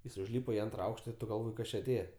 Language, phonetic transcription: Lithuanian, jis užˈlypa i ˈantra ˈaukšta ir ˈtu galˈvoj ˈkas či aˈtėje

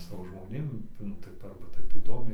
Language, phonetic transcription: Lithuanian, ˈsavo žmoˈnėm ˈnu ˈtai tai ˈarba ˈtaip įˈdomiai

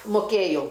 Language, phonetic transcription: Lithuanian, muˈkėjau

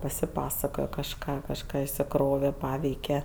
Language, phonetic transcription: Lithuanian, pasiˈpasakoja kažˈką kažˈką išsiˈkrove ˈpaveike

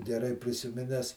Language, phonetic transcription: Lithuanian, geˈrai prisiˈmines

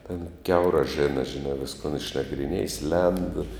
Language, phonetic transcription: Lithuanian, ten ˈkiaurā ˈžena žiˈnā ˈviskon išnagriˈniejis lend

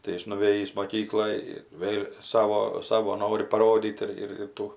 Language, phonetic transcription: Lithuanian, tai ˈjis nuˈvėjįs moˈkykloj ˈvėl' ˈsavo ˈsavo ˈnori paˈrodyt ir ir ˈtų

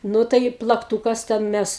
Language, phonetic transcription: Lithuanian, ˈnu tai plakˈtūkas ˈten ˈmes

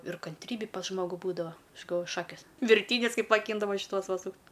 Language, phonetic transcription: Lithuanian, ir kanˈtrybi pas ˈžmogu ˈbūdava ˈaš galˈvoju ˈšakės virˈtynius ˈkaip maˈkyndavo šiˈtuos ˈva ˈsūkt'

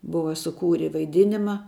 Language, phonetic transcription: Lithuanian, ˈbuva suˈkūri vaiˈdinima

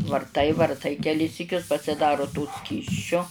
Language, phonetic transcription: Lithuanian, varˈtai varˈtai keˈlis syˈkius pasiˈdaro to ˈskysčio

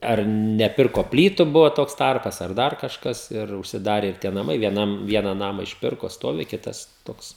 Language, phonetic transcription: Lithuanian, ˈar neˈpirko ˈplytu ˈbuvo ˈtoks ˈtarpas ar ˈdar kažˈkas ir užsiˈdare ir ˈtie naˈmai vieˈnam ˈviena ˈnamą išˈpirko ˈstovi ˈkitas ˈtoks

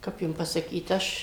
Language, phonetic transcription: Lithuanian, ˈkap jum pasaˈkyt ˈaš

